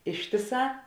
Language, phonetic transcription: Lithuanian, ˈištiˌsā

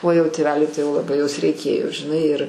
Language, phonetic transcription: Lithuanian, o jau tėˈveliui tai laˈbai jos reiˈkėjo žiˈnai ir

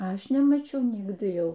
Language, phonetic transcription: Lithuanian, ˈaš nemaˈčiau ˈnigdɨ ˈjau

